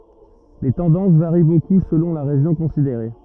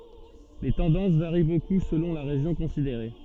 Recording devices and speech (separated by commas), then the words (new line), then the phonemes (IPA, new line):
rigid in-ear microphone, soft in-ear microphone, read sentence
Les tendances varient beaucoup selon la région considérée.
le tɑ̃dɑ̃s vaʁi boku səlɔ̃ la ʁeʒjɔ̃ kɔ̃sideʁe